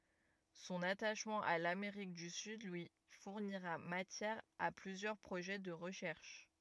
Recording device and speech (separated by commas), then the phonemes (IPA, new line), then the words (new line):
rigid in-ear microphone, read sentence
sɔ̃n ataʃmɑ̃ a lameʁik dy syd lyi fuʁniʁa matjɛʁ a plyzjœʁ pʁoʒɛ də ʁəʃɛʁʃ
Son attachement à l'Amérique du Sud lui fournira matière à plusieurs projets de recherche.